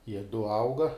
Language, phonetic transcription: Lithuanian, jie du ˈauga

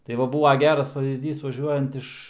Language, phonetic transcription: Lithuanian, tai ˈva ˈbūva ˈgeras paˈvyzdys vaˈžiuojant iš

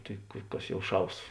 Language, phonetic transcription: Lithuanian, ˈtai ˈkas ˈjau ˈšaus

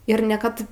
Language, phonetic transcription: Lithuanian, ir ne ˈkad

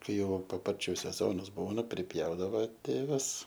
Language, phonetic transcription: Lithuanian, ˈkaiˈ jau paˈparčiu seˈzonas ˈbūna priˈpjaudavo ˈtėvas

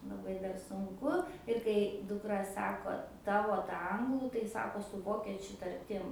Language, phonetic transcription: Lithuanian, laˈbai dar sunˈku ir kai dukˈra ˈsako ˈtavo ta ˈanglų tai ˈsako su ˈvokečiu tarˈtim

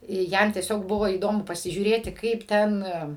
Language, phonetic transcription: Lithuanian, ˈjam tieˈsiog ˈbuvo įˈdomu pasižiūˈrėti ˈkaip ˈten

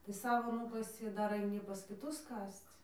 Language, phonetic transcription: Lithuanian, tai ˈsavo ˈnūkasi i ˈdar aiˈny pas kiˈtus ˈkasc

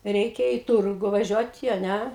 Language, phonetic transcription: Lithuanian, ˈreikia i ˈturgu vaˈžiuoti a ˈnæ

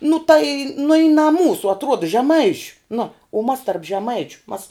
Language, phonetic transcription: Lithuanian, nu tai nu i na ˈmūsų atˈruoda žeˈmaišiu nu u mas tarp žeˈmaičiu mas

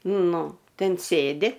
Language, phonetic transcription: Lithuanian, ˈnu ˈten ˈsėdi

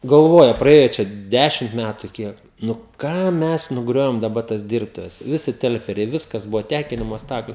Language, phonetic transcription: Lithuanian, galˈvoja praˈėja ˈčia ˈdešimt ˈmætu ˈkiek nu ˈkam ˈmes nuˈgriovim daˈba tas ˈdirbtuves ˈvisi ˈtelferiai ˈviskas ˈbuvo ˈtekinimo ˈstakliu

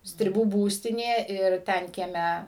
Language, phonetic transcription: Lithuanian, striˈbų ˈbūstinė ir ˈten kieˈme

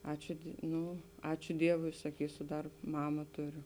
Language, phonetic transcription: Lithuanian, ˈačiu ˈnu ˈačiu ˈdievui saˈkysu ˈdar ˈmama ˈtuˌriu

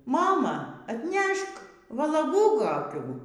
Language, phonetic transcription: Lithuanian, ˈmama atˈnešk valaˈgų koˈkių

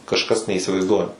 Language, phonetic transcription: Lithuanian, kažˈkas neįsivaizˈduojam

